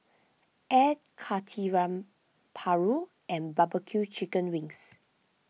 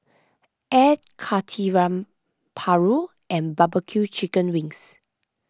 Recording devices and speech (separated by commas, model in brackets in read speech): mobile phone (iPhone 6), close-talking microphone (WH20), read sentence